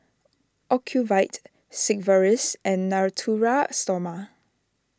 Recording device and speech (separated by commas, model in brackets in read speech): standing microphone (AKG C214), read sentence